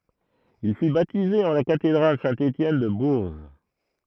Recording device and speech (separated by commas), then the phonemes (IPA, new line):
throat microphone, read sentence
il fy batize ɑ̃ la katedʁal sɛ̃ etjɛn də buʁʒ